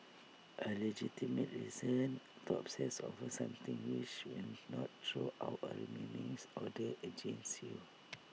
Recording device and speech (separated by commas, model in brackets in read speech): mobile phone (iPhone 6), read sentence